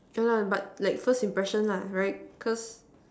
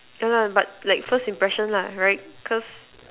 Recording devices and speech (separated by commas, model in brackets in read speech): standing microphone, telephone, conversation in separate rooms